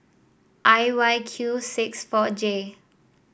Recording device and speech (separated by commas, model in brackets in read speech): boundary microphone (BM630), read sentence